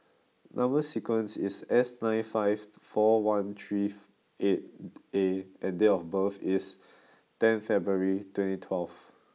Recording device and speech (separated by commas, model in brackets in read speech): mobile phone (iPhone 6), read sentence